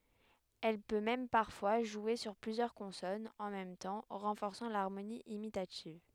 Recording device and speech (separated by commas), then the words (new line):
headset microphone, read sentence
Elle peut même parfois jouer sur plusieurs consonnes en même temps, renforçant l'harmonie imitative.